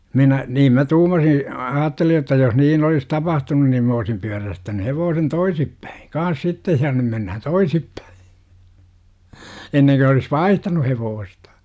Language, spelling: Finnish, minä niin minä tuumasin ajattelin jotta jos niin olisi tapahtunut niin minä olisin pyörästänyt hevosen toisin päin kanssa sitten ja nyt mennään toisinpäin ennen kuin olisi vaihtanut hevosta
- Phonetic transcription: minä , 'niim mä "tuumasi , 'aatteli jotta jos 'niin olis "tapahtunun nim 'm ‿oosim pyärästäny 'hevoosen "toisip päi , 'kaan̬s "sittej ja 'nym » mennähän "toisippÄI « , 'enneŋko olis "vaihtanu 'hevoostA .

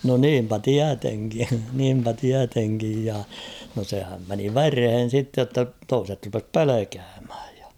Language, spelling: Finnish, no niinpä tietenkin niinpä tietenkin ja no sehän meni vereen sitten jotta toiset rupesi pelkäämään ja
- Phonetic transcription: no 'niimpä "tiäteŋki , niimpä 'tiäteŋkij ja ; no sehäm meni "verhen̬ sitte jotta "toiset rupes "pelekäämhᴀ̈ᴊ ᴊᴀ .

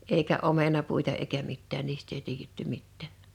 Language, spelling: Finnish, eikä omenapuita eikä mitään niistä ei tiedetty mitään
- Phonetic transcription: 'eikä '’omenapuita eikä 'mittään 'niist̆t ‿ei 'tiijetty 'mittä̀ .

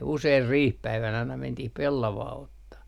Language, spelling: Finnish, usein riihipäivänä aina mentiin pellavaa ottamaan
- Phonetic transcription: 'useir "riihpäivänä aina 'mentih "pellavaa 'ottah .

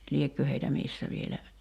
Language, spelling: Finnish, liekö heitä missä vielä
- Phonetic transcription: 'liekkö heitä "missä vielä ,.

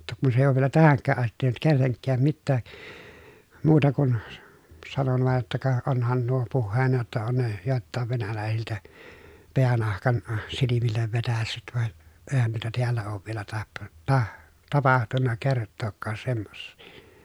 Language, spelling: Finnish, jotta kun se ei ole vielä tähänkään asti tehnyt kenellekään mitään muuta kuin - sanoin vain jotta ka onhan nuo puheena jotta on ne joiltakin venäläisiltä päänahan silmille vetäissyt vaan eihän noita täällä ole vielä - - tapahtunut kertaakaan semmoisia
- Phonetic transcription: [jot]ta kun se èiʲ ‿oov vielä tähäŋkkääʼ ʼastit tehnyt kelleŋkkääm mittää , muuta kun » , s- , sanon vàej jotta » ka , onhan nuo puhheena jotta on ne , jòelttàev venälä̀esiltä , peänahkan , silimillev vetässyt van , èi̮hän nuita tiällä oov vielä tahton- , tah- , tapahtunna kerttookkaas semmossI » .

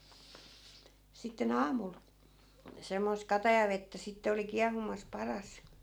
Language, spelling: Finnish, sitten aamulla semmoista katajavettä sitten oli kiehumassa padassa
- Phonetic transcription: sitte"n ‿aamul , semmoisᵗ 'katajavettä 'sitte oli 'kiahumas 'paras .

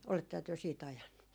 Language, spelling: Finnish, olettehan te siitä ajanut
- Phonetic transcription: oletteha työ sii't ‿ajannu .

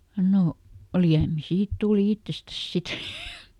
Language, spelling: Finnish, no liemi siitä tuli itsestään sitten
- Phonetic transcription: ˈno , ˈliämi "siit tùli ˈittestäs ˈsit !

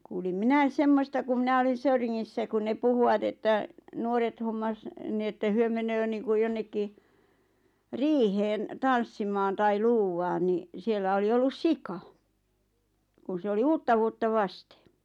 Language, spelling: Finnish, kuulin minä semmoista kun minä olin Söyringissä kun ne puhuvat että nuoret hommasi niin että he menee niin kuin jonnekin riiheen tanssimaan tai luuvaan niin siellä oli ollut sika kun se oli uutta vuotta vasten
- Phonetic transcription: kuulim "minäis 'semmosta ku 'minä olin̬ 'Söyriŋŋissä ku ne 'puhuʷat että , 'nuoret hommas , ni että 'hyö menöö niiŋkuʲ 'jonnekki , "riiheen , "tanssimaan tai "luuwaan ni , 'siellä oli ollus "sika , 'kun se 'oli "uuttavuotta "vastᴇ .

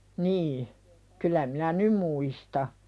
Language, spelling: Finnish, niin kyllä minä nyt muistan
- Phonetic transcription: nii , 'kyl̆lä minä "nym muista .

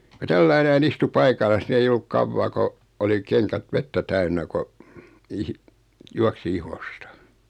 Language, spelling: Finnish, kun tällä lailla näin istui paikallaan niin ei ollut kauaa kun oli kengät vettä täynnä kun ihi juoksi ihosta
- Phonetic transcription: ko 'tälläi 'näi'n ‿istu "paikallas ni 'ei olluk 'kavvaa ko , oli 'keŋkät 'vettä "täynnä ko , 'ihi , 'juaksi "ihostᴀ .

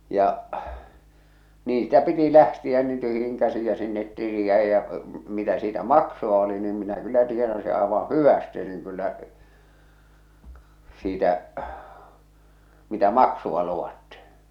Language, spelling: Finnish, ja niin sitä piti lähteä niin tyhjin käsin ja sinne tili jäi ja mitä siitä maksua oli niin minä kyllä tienasin aivan hyvästi niin kyllä siitä mitä maksua luvattiin
- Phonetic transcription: ja , 'niin sⁱtä piti "lähtiä niin "tyhjiŋ käsij ja sinnet 'tili jä̀ij jä , mitä siitä "makso₍a oli niim minä 'kyllä tienasi àevaa̰ "hyväste niŋ kyllä , siitä , mitä "maksuᵛa luwatti .

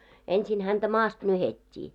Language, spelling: Finnish, ensin häntä maasta nyhdettiin
- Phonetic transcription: ensin häntä 'maast 'nyhet́t́ii .

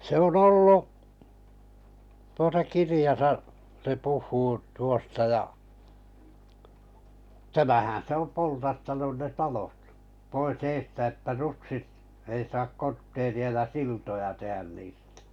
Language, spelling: Finnish, se on ollut tuota kirjassa se puhuu tuosta ja tämähän se on poltattanut ne talot pois edestä että rutsit ei saa kortteeria ja siltoja tehdä niistä
- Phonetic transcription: 'se ‿on "ollu , tuota 'kirijasa , se 'puh̆huu tuosta ja , tämähää̰ se ‿om 'poltattanun ne "talot , pois 'eestä että 'rutsit , ei sak 'kortteeri₍a ja "siltoja 'tehän niistᴀ̈ .

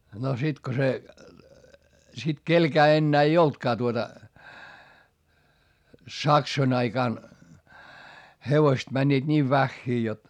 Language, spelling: Finnish, no sitten kun se sitten kenelläkään enää ei ollutkaan tuota saksojen aikana hevosta menivät niin vähiin jotta
- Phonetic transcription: no sit ko se , sit kelkää ennää ei oltkaa tuota , saksoⁱn ‿aikàn , hevoⁱst mäńńiit niiv väχχii jot ,.

